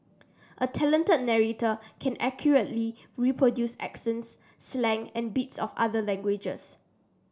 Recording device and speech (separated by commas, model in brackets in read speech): standing microphone (AKG C214), read sentence